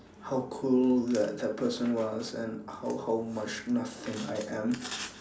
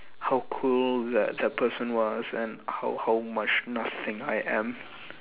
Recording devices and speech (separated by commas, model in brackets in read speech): standing microphone, telephone, conversation in separate rooms